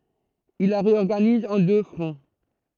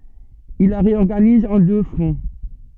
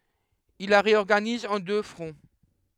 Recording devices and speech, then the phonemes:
throat microphone, soft in-ear microphone, headset microphone, read sentence
il la ʁeɔʁɡaniz ɑ̃ dø fʁɔ̃

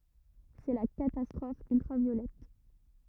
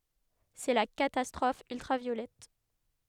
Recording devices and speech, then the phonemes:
rigid in-ear microphone, headset microphone, read sentence
sɛ la katastʁɔf yltʁavjolɛt

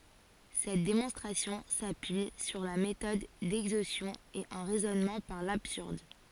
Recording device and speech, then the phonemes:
forehead accelerometer, read sentence
sɛt demɔ̃stʁasjɔ̃ sapyi syʁ la metɔd dɛɡzostjɔ̃ e œ̃ ʁɛzɔnmɑ̃ paʁ labsyʁd

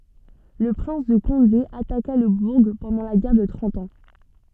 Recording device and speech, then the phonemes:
soft in-ear microphone, read sentence
lə pʁɛ̃s də kɔ̃de ataka lə buʁ pɑ̃dɑ̃ la ɡɛʁ də tʁɑ̃t ɑ̃

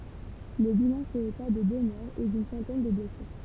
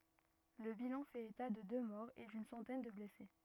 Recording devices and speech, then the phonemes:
temple vibration pickup, rigid in-ear microphone, read sentence
lə bilɑ̃ fɛt eta də dø mɔʁz e dyn sɑ̃tɛn də blɛse

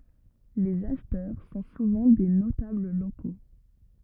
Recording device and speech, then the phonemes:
rigid in-ear microphone, read sentence
lez aʃtœʁ sɔ̃ suvɑ̃ de notabl loko

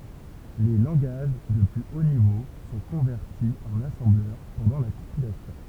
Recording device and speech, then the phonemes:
temple vibration pickup, read sentence
le lɑ̃ɡaʒ də ply o nivo sɔ̃ kɔ̃vɛʁti ɑ̃n asɑ̃blœʁ pɑ̃dɑ̃ la kɔ̃pilasjɔ̃

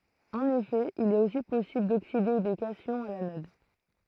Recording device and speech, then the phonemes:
throat microphone, read sentence
ɑ̃n efɛ il ɛt osi pɔsibl dokside de kasjɔ̃z a lanɔd

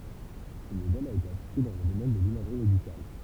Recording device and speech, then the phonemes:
temple vibration pickup, read sentence
sə modɛl a ete aplike dɑ̃ lə domɛn də limaʒʁi medikal

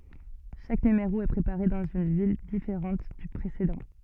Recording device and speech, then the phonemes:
soft in-ear microphone, read sentence
ʃak nymeʁo ɛ pʁepaʁe dɑ̃z yn vil difeʁɑ̃t dy pʁesedɑ̃

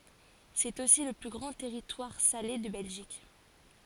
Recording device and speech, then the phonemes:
forehead accelerometer, read sentence
sɛt osi lə ply ɡʁɑ̃ tɛʁitwaʁ sale də bɛlʒik

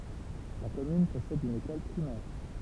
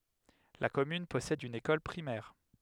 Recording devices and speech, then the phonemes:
temple vibration pickup, headset microphone, read sentence
la kɔmyn pɔsɛd yn ekɔl pʁimɛʁ

